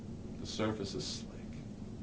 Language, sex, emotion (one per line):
English
male
neutral